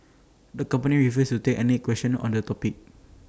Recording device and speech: standing microphone (AKG C214), read sentence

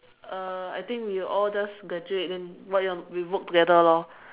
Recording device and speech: telephone, conversation in separate rooms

